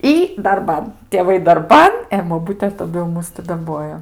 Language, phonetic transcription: Lithuanian, ˈy darˈban tėˈvai darˈban e boˈbute taˈdu jau ˈmus ti daˈbojo

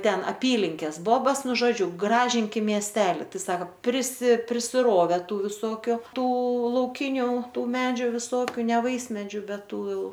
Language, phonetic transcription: Lithuanian, ˈten aˈpylinkės ˈbobas ˈnu žoˈdžiu ˈgražinkim mieˈsteli ˈtai ˈsako prisi prisiˈrove ˈtų viˈsokiu ˈtų lauˈkiniu ˈtų ˈmedžiu viˈsokiu ne ˈvaismedžių ˈbet ˈtų ˈjau

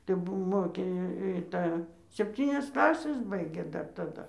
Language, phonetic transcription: Lithuanian, tai ˈbuvo ˈmokė i i ˈtą sepˈtynias ˈklases ˈbaigė dar taˈda

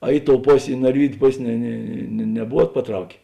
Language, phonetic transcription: Lithuanian, a ˈi ˌtou ˈposė i narˈvydiu ˈpos' ne ˈne ne neˈbuvuot paˈtraukė

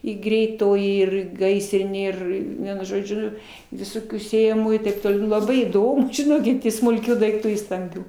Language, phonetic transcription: Lithuanian, i greiˈtoji ir ˈgaisrinė ˈir ˈvienu žoˈdžiu viˈsokių sėjaˈmųjų taip toˈliau laˈbai įˈdom žiˈnokit i smulˈkių daikˈtų i stamˈbių

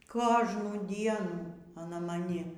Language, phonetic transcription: Lithuanian, ˈkožnų ˈdienų aˈna maˈni

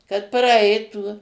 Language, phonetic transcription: Lithuanian, kad praˈaitų

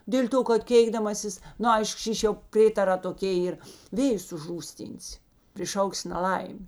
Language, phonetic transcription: Lithuanian, ˈdėl' ˌto kad ˈkėikdamasis ˈnu ˈaišk ˈšyš' jau ˈprėtarā toˈkė ˈyr ˈvėjus užˈrūsˌtynsi priˈšauksi naˈlaim'

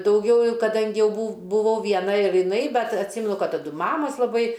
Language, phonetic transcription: Lithuanian, dauˈgiau kaˈdangi ˈjau bu buˈvau ˈviena ir jiˈnai ˈbet atˈsymenu ˈkad taˈdu ˈmamos laˈbai

